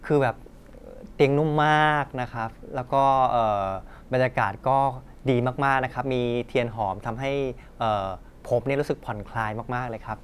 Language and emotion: Thai, happy